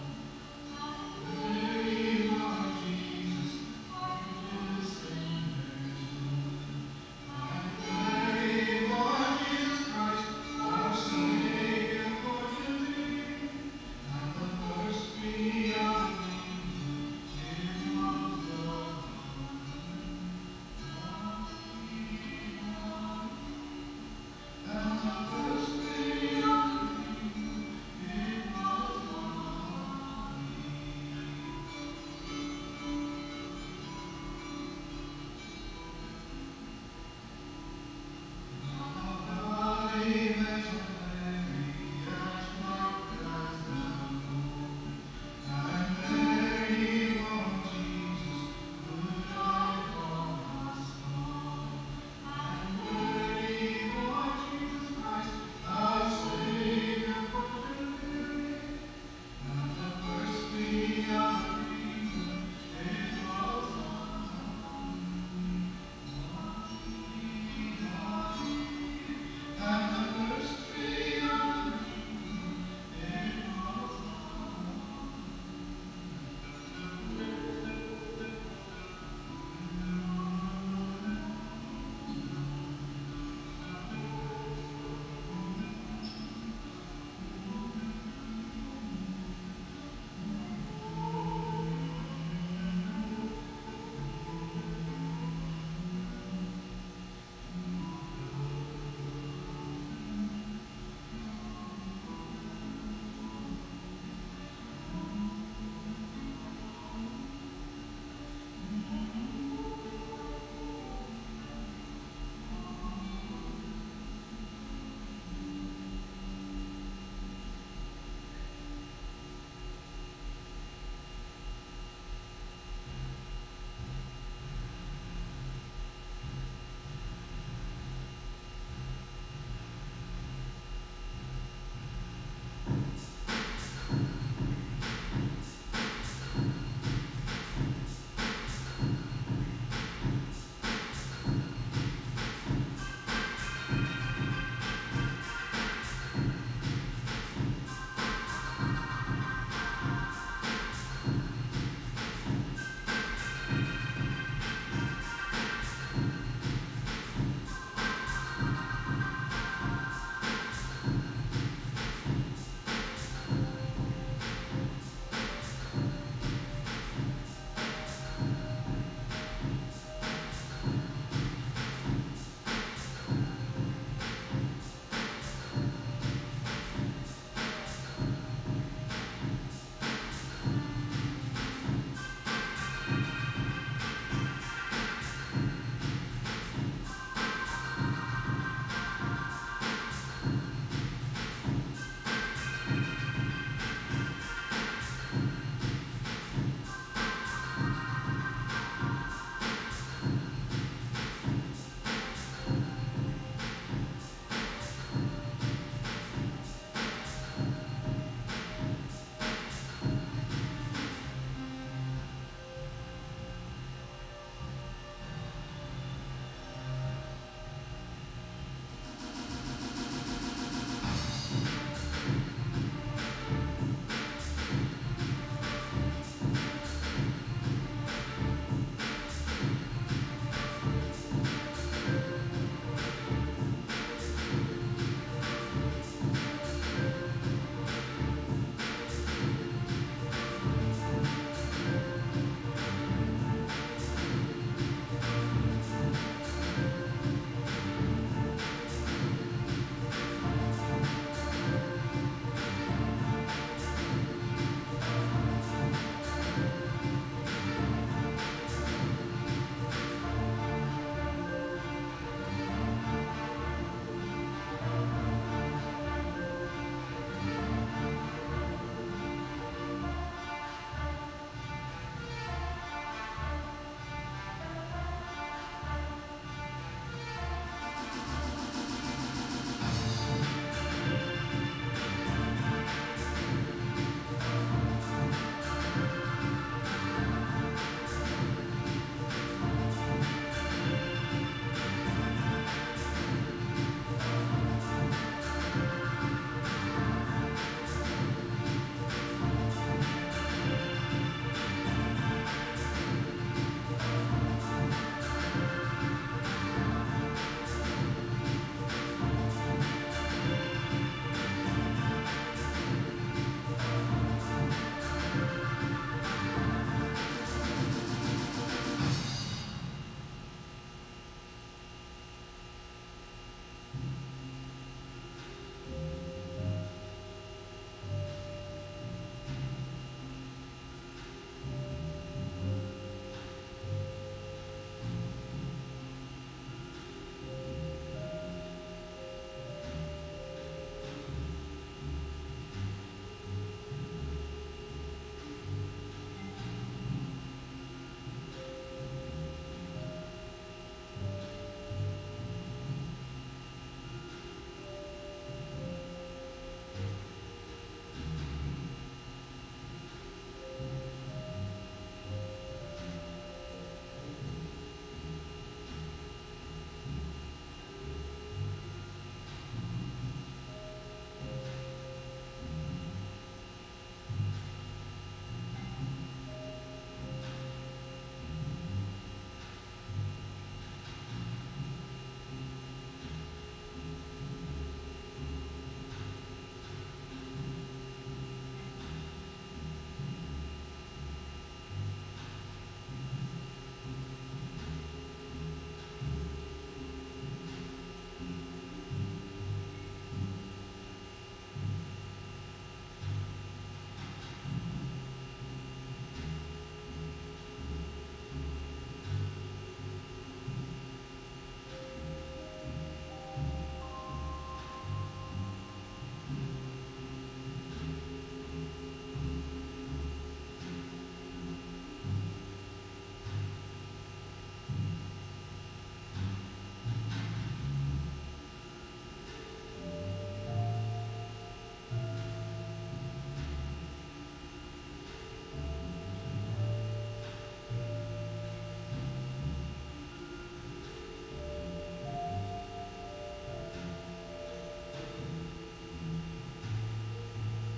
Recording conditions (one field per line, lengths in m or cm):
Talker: no one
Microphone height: 1.0 m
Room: very reverberant, large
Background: music